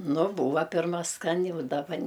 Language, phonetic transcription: Lithuanian, ˈnu ˈbūva ˈpirma ˈskani u daˈba

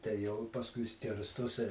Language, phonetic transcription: Lithuanian, tai ˈjau i pasˈkui ˈskirstosi

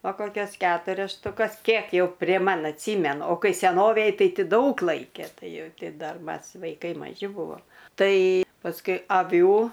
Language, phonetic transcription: Lithuanian, a ˈkokias ˈketurias štuˈkas ˈkiek jau prie ˈman atˈsymenu o ˈkai seˈnovėj ˈtai ˈti ˈdaug ˈlaike ˈtai ˈjau ˈti ˈdar ˈmas vaiˈkai maˈži ˈbuvom ˈtai pasˈkui aˈvių

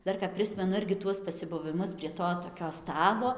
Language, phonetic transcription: Lithuanian, ˈdar kap ˈprismenu ˈirgi ˈtuos pasibuviˈmus prie ˈto toˈkio ˈstalo

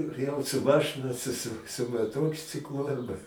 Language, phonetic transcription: Lithuanian, jau su ˈmašɨna su su su maˈtokciklu arˈba

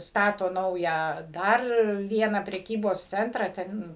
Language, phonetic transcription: Lithuanian, ˈstato ˈnaują ˈdar ˈvieną preˈkybos ˈcentrą ˈten

